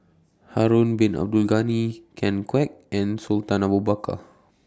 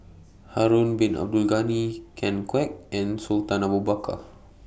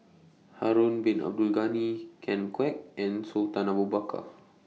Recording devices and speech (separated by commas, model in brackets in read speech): standing microphone (AKG C214), boundary microphone (BM630), mobile phone (iPhone 6), read sentence